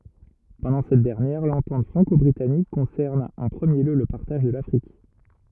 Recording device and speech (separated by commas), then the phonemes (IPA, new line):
rigid in-ear microphone, read sentence
pɑ̃dɑ̃ sɛt dɛʁnjɛʁ lɑ̃tɑ̃t fʁɑ̃kɔbʁitanik kɔ̃sɛʁn ɑ̃ pʁəmje ljø lə paʁtaʒ də lafʁik